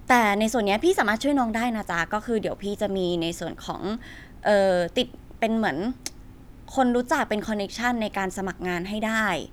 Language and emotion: Thai, neutral